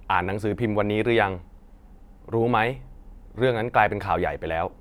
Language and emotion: Thai, neutral